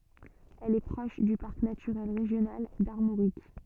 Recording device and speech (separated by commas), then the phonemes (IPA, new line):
soft in-ear microphone, read sentence
ɛl ɛ pʁɔʃ dy paʁk natyʁɛl ʁeʒjonal daʁmoʁik